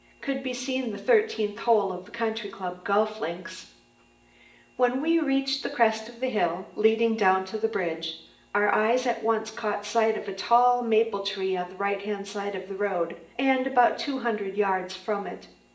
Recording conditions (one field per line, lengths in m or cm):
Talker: one person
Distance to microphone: 1.8 m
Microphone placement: close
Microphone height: 1.0 m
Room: large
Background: none